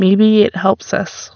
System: none